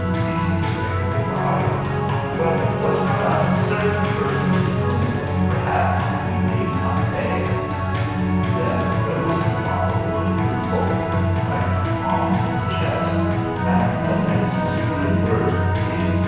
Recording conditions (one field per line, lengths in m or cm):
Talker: one person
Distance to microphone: 7.1 m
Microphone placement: far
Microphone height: 1.7 m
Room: very reverberant, large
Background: music